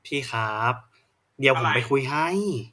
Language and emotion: Thai, frustrated